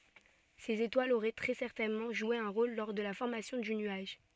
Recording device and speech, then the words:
soft in-ear microphone, read sentence
Ces étoiles auraient très certainement joué un rôle lors de la formation du nuage.

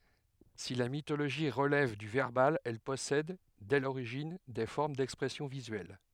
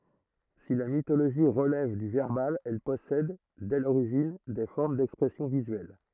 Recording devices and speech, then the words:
headset microphone, throat microphone, read sentence
Si la mythologie relève du verbal, elle possède, dès l'origine, des formes d'expression visuelle.

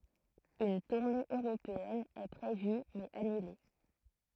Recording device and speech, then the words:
throat microphone, read sentence
Une tournée européenne est prévue mais annulée.

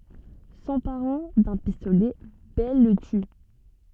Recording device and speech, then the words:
soft in-ear microphone, read sentence
S'emparant d'un pistolet, Belle le tue.

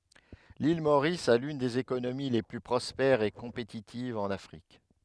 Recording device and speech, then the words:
headset microphone, read sentence
L'île Maurice a l’une des économies les plus prospères et compétitives en Afrique.

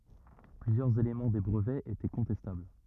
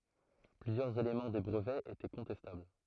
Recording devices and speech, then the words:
rigid in-ear microphone, throat microphone, read sentence
Plusieurs éléments des brevets étaient contestables.

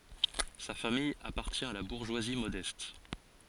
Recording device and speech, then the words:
forehead accelerometer, read sentence
Sa famille appartient à la bourgeoisie modeste.

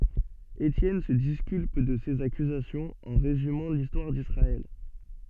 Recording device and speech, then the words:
soft in-ear microphone, read sentence
Étienne se disculpe de ces accusations en résumant l’histoire d’Israël.

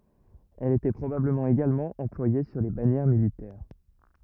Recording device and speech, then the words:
rigid in-ear microphone, read sentence
Elle était probablement également employée sur les bannières militaires.

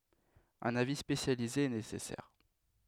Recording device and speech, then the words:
headset microphone, read sentence
Un avis spécialisé est nécessaire.

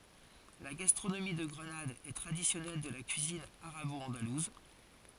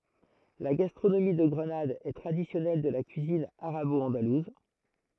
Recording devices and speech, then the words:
forehead accelerometer, throat microphone, read sentence
La gastronomie de Grenade est traditionnelle de la cuisine arabo-andalouse.

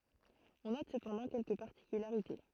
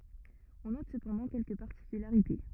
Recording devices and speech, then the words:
throat microphone, rigid in-ear microphone, read sentence
On note cependant quelques particularités.

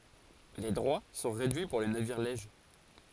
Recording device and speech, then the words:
forehead accelerometer, read sentence
Les droits sont réduits pour les navires lèges.

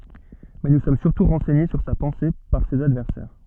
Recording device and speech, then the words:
soft in-ear microphone, read sentence
Mais nous sommes surtout renseignés sur sa pensée par ses adversaires.

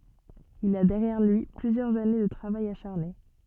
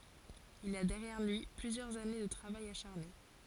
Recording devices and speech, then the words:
soft in-ear microphone, forehead accelerometer, read sentence
Il a derrière lui plusieurs années de travail acharné.

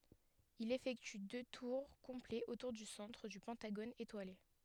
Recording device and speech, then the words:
headset microphone, read sentence
Il effectue deux tours complets autour du centre du pentagone étoilé.

